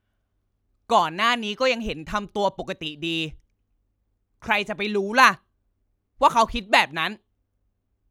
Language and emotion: Thai, frustrated